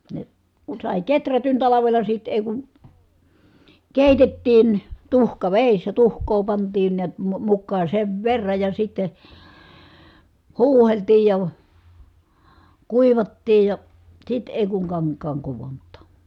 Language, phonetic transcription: Finnish, ne , kun̬ sài keträtyn talavela sit èi̮ ku , kèitettiin , tuhkavèissä , tuhk̀oo pant̀iin niät , mu- mukkaa sev verraj ja sitte , huuheltii ja , kuivattii ja , sit èi kuŋ kaŋk̆kaaŋ kuvont̆tà .
- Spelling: ne kun sai kehrätyn talvella sitten ei kun keitettiin tuhkavedessä tuhkaa pantiin näet - mukaan sen verran ja sitten huuhdeltiin ja kuivattiin ja sitten ei kun kankaan kudontaa

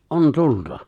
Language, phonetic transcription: Finnish, ’on 'tulta .
- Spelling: on tulta

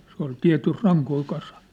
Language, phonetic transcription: Finnish, se ‿ol 'tiä̭tys̳ 'raŋkoi 'kasaɴ .
- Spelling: se oli tietysti rankoja kasannut

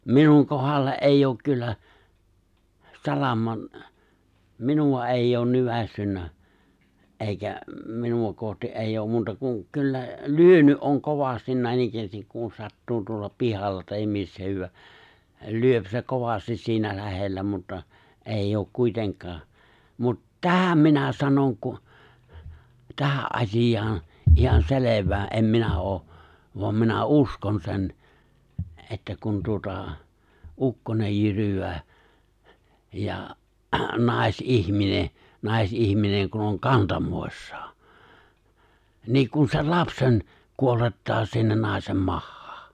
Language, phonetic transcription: Finnish, 'minuŋ 'kohalle’ '’eijj ‿ook 'kyllä , 'salaman , 'minuwa '’èijj ‿oon 'nyväs̀synnä , '’èikä , 'minuva kohti’ '’èijj ‿oom 'muuta kuŋ , 'kyllä , 'lyöny’ '’oŋ 'kovastin 'nä̀inikkäästik kun 'sattuu tuolla 'pihalla tahim 'missä hyw̆wää , 'lyöp se 'kovastis si̬inä 'lähellä 'mutta , '’èijj ‿ook 'kuiteŋk̀aa , mut "tähäm 'minä 'sanoŋ ku , 'tähä’ '’as̀ij̀aan̬ , ihan 'selev̀ää’ '’em minä '’oo , voam minä "uskon sen , 'että kun tuota , 'ukkonej 'jyrywää , ja 'nàis'’ihmine , 'nàis'’ihmineŋ kun oŋ 'kantamòissᴀᴀ , nii kun sen 'lapsen , 'kuolettaa sinnen 'nàisem 'mahhᴀᴀ .
- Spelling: minun kohdalle ei ole kyllä salaman minua ei olen nykäissyt eikä minua kohti ei ole muuta kuin kyllä lyönyt on kovasti näinikään kun sattuu tuolla pihalla tai missä hyvänsä lyö se kovasti siinä lähellä mutta ei ole kuitenkaan mutta tähän minä sanon kun tähän asiaan ihan selvää en minä ole vaan minä uskon sen että kun tuota ukkonen jyryää ja naisihminen naisihminen kun on kantamoissaan niin kun sen lapsen kuolettaa sinne naisen mahaan

